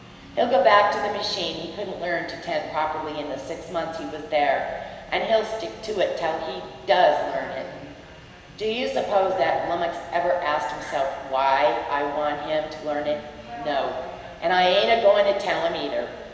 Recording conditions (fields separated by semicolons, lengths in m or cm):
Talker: one person; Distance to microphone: 1.7 m; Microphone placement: close; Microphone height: 1.0 m; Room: very reverberant, large; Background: television